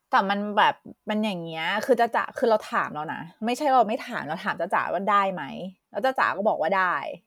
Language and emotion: Thai, frustrated